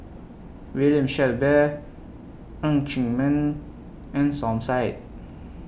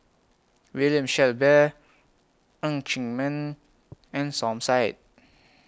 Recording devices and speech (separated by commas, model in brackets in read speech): boundary microphone (BM630), close-talking microphone (WH20), read sentence